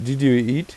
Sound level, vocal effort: 87 dB SPL, normal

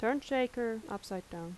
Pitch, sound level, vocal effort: 225 Hz, 81 dB SPL, normal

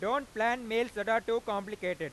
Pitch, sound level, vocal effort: 225 Hz, 102 dB SPL, loud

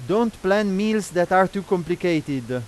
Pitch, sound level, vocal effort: 190 Hz, 95 dB SPL, very loud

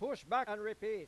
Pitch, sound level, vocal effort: 260 Hz, 104 dB SPL, very loud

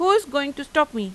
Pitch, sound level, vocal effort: 285 Hz, 91 dB SPL, normal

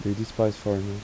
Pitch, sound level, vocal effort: 105 Hz, 82 dB SPL, soft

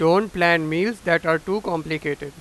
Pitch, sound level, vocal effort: 165 Hz, 96 dB SPL, very loud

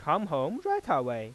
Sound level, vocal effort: 95 dB SPL, normal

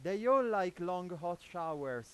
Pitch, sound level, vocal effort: 175 Hz, 100 dB SPL, very loud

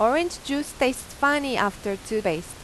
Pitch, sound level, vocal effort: 250 Hz, 89 dB SPL, loud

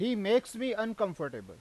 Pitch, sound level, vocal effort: 225 Hz, 95 dB SPL, very loud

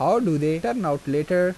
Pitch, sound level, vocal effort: 160 Hz, 87 dB SPL, normal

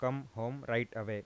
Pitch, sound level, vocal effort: 115 Hz, 88 dB SPL, normal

